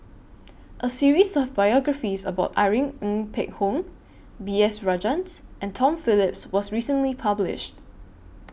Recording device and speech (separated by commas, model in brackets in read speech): boundary microphone (BM630), read sentence